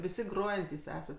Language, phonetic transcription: Lithuanian, viˈsi ˈgrojantys ˈesat

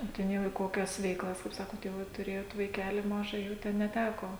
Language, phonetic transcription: Lithuanian, o ˈten jau į ˈkokias veiˈklas kaip ˈsakot jau ˈva tuˈrėjot vaiˈkeli ˈmaža jau ˈten neˈteko

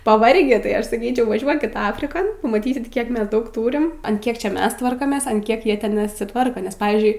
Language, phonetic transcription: Lithuanian, paˈvargį tai ˈaš saˈkyčiau vaˈžiuokit ˈafrikon pamaˈtysit ˈkiek ˈmes ˈdaug ˈtūrim an ˈkiek ˈčia ˈmes ˈtvarkomės an ˈkiek ˈjie ˈten nesiˈtvarko nes ˈpavyzdžiui

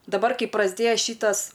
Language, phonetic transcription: Lithuanian, daˈbar ˈkai prasˈdėja ˈšytas

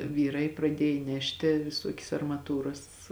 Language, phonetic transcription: Lithuanian, ˈvyˌrai praˈdiej ˈnešti viˈsuokias armaˈtūras

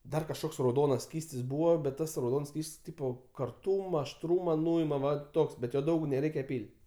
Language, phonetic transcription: Lithuanian, ˈdar kažˈkoks rauˈdonas ˈskystis ˈbūvo bet ˈtas rauˈdons ˈskyst's' ˈtypo karˈtūma ašˈtrūma ˈnuima ˈva ˈtoks bet ˈjo ˈdaug neˈreikia ˈpyl'

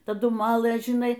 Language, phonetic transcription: Lithuanian, taˈdu ˈmalɘ žiˈnai

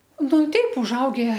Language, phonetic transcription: Lithuanian, ˈnu ˈteip užˈauge

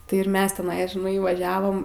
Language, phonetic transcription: Lithuanian, tai ir ˈmes teˈnai žiˈnai vaˈžiavom

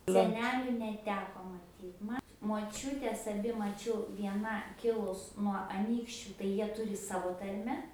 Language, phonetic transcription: Lithuanian, seˈneliu neˈteko maˈtyt ˈma moˈčiutes aˈbi maˈčiau vieˈna ˈkilus nuo aˈnykščiu tai ˈjie ˈturi ˈsavo ˈtarme

